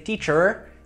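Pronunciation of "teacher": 'teacher' is pronounced incorrectly here.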